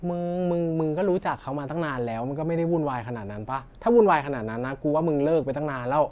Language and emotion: Thai, frustrated